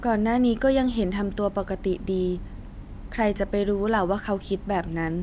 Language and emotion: Thai, neutral